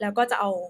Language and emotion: Thai, neutral